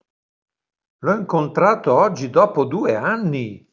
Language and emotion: Italian, surprised